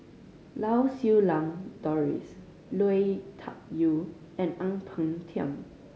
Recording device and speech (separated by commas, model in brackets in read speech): mobile phone (Samsung C5010), read sentence